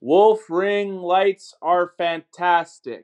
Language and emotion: English, neutral